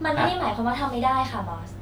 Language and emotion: Thai, frustrated